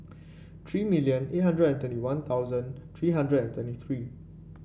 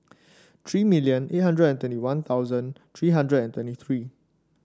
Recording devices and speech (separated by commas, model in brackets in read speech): boundary microphone (BM630), standing microphone (AKG C214), read sentence